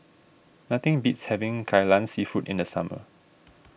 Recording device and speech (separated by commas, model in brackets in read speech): boundary microphone (BM630), read sentence